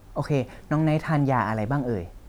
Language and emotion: Thai, neutral